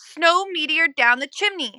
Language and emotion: English, neutral